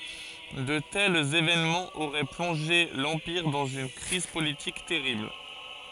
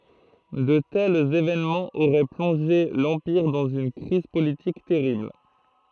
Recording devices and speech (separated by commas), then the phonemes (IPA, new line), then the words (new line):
forehead accelerometer, throat microphone, read sentence
də tɛlz evenmɑ̃z oʁɛ plɔ̃ʒe lɑ̃piʁ dɑ̃z yn kʁiz politik tɛʁibl
De tels événements auraient plongé l'Empire dans une crise politique terrible.